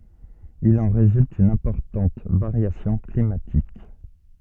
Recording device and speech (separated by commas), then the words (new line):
soft in-ear microphone, read sentence
Il en résulte une importante variation climatique.